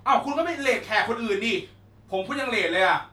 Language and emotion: Thai, angry